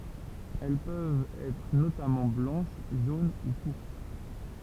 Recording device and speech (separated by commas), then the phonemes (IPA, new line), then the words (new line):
temple vibration pickup, read sentence
ɛl pøvt ɛtʁ notamɑ̃ blɑ̃ʃ ʒon u puʁpʁ
Elles peuvent être notamment blanches, jaunes ou pourpres.